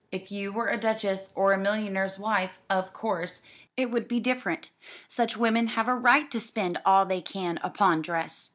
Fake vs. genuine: genuine